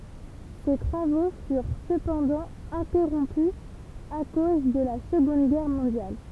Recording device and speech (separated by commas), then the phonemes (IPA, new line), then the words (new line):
temple vibration pickup, read sentence
se tʁavo fyʁ səpɑ̃dɑ̃ ɛ̃tɛʁɔ̃py a koz də la səɡɔ̃d ɡɛʁ mɔ̃djal
Ses travaux furent cependant interrompus à cause de la Seconde Guerre mondiale.